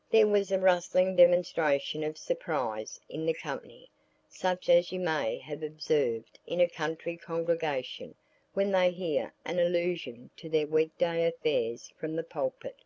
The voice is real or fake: real